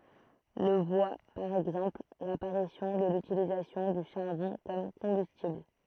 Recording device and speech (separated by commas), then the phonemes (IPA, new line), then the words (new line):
throat microphone, read sentence
lə vwa paʁ ɛɡzɑ̃pl lapaʁisjɔ̃ də lytilizasjɔ̃ dy ʃaʁbɔ̃ kɔm kɔ̃bystibl
Le voit par exemple, l'apparition de l'utilisation du charbon comme combustible.